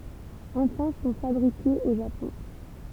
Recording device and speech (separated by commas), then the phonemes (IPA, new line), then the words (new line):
temple vibration pickup, read sentence
ɑ̃fɛ̃ sɔ̃ fabʁikez o ʒapɔ̃
Enfin sont fabriquées au Japon.